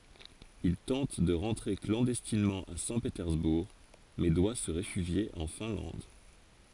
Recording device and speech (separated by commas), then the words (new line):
forehead accelerometer, read sentence
Il tente de rentrer clandestinement à Saint-Pétersbourg, mais doit se réfugier en Finlande.